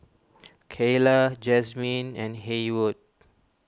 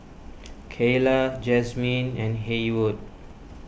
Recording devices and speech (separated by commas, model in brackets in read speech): standing microphone (AKG C214), boundary microphone (BM630), read sentence